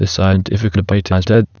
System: TTS, waveform concatenation